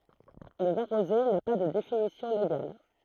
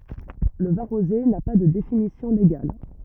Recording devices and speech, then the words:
throat microphone, rigid in-ear microphone, read sentence
Le vin rosé n'a pas de définition légale.

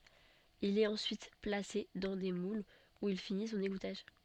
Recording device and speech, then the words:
soft in-ear microphone, read sentence
Il est ensuite placé dans des moules où il finit son égouttage.

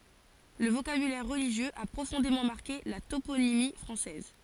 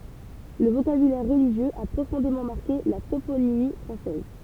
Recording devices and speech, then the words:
forehead accelerometer, temple vibration pickup, read sentence
Le vocabulaire religieux a profondément marqué la toponymie française.

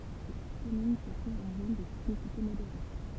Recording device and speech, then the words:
temple vibration pickup, read sentence
La commune se trouve en zone de sismicité modérée.

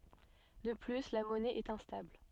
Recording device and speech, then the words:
soft in-ear microphone, read sentence
De plus la monnaie est instable.

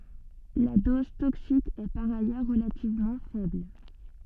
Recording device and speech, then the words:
soft in-ear microphone, read sentence
La dose toxique est par ailleurs relativement faible.

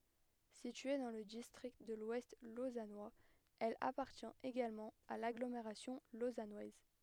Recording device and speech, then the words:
headset microphone, read sentence
Située dans le district de l'Ouest lausannois, elle appartient également à l'agglomération lausannoise.

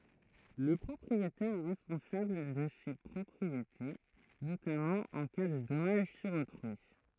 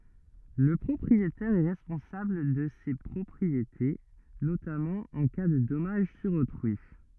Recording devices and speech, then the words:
throat microphone, rigid in-ear microphone, read sentence
Le propriétaire est responsable de ses propriétés, notamment en cas de dommage sur autrui.

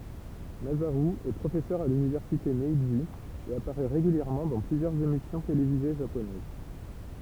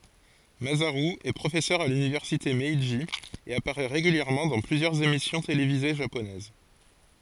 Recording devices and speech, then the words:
temple vibration pickup, forehead accelerometer, read sentence
Masaru est professeur à l'Université Meiji et apparaît régulièrement dans plusieurs émissions télévisées japonaises.

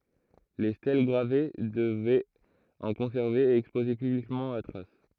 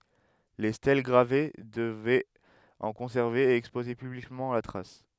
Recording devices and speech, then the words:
throat microphone, headset microphone, read sentence
Les stèles gravées devaient en conserver et exposer publiquement la trace.

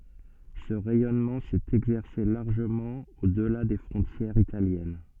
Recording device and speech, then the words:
soft in-ear microphone, read sentence
Ce rayonnement s'est exercé largement au-delà des frontières italiennes.

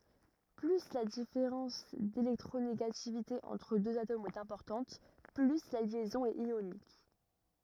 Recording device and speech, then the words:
rigid in-ear microphone, read sentence
Plus la différence d'électronégativité entre deux atomes est importante, plus la liaison est ionique.

